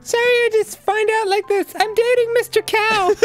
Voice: Falsetto